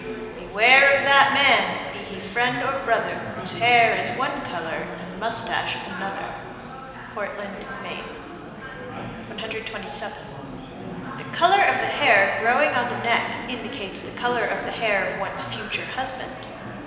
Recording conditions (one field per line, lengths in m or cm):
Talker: one person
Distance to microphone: 1.7 m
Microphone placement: close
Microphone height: 1.0 m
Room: very reverberant, large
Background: babble